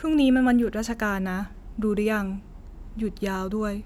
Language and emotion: Thai, neutral